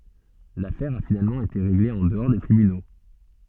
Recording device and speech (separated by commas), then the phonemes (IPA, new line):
soft in-ear microphone, read sentence
lafɛʁ a finalmɑ̃ ete ʁeɡle ɑ̃ dəɔʁ de tʁibyno